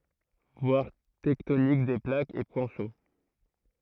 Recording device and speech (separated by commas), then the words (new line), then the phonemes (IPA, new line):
throat microphone, read sentence
Voir tectonique des plaques et point chaud.
vwaʁ tɛktonik de plakz e pwɛ̃ ʃo